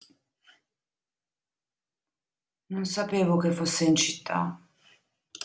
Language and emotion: Italian, sad